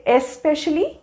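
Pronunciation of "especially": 'Especially' is pronounced incorrectly here.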